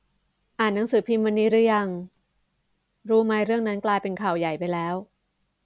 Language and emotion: Thai, neutral